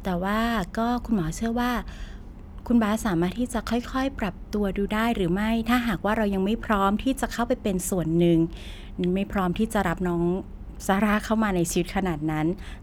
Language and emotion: Thai, neutral